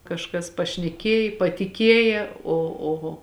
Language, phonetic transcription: Lithuanian, kažˈkas pašneˈkėj patiˈkėja o o

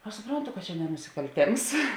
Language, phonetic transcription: Lithuanian, aš suˈprontu kad čia ne nusikalˈtėms

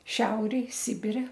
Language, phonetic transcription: Lithuanian, ˈšiaurėj ˈsibire

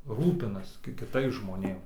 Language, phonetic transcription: Lithuanian, ˈrūpinas ki kiˈtais žmoˈnėm

